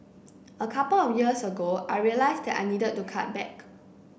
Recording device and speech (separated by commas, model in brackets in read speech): boundary microphone (BM630), read sentence